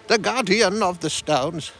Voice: Wizard voice